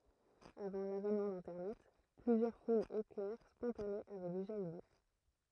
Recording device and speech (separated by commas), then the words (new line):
throat microphone, read sentence
Avant l’avènement d’Internet, plusieurs foules éclair spontanées avaient déjà eu lieu.